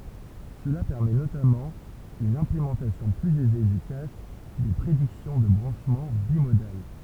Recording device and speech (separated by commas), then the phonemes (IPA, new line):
temple vibration pickup, read sentence
səla pɛʁmɛ notamɑ̃ yn ɛ̃plemɑ̃tasjɔ̃ plyz ɛze dy kaʃ de pʁediksjɔ̃ də bʁɑ̃ʃmɑ̃ bimodal